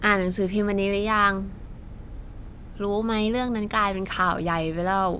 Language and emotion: Thai, frustrated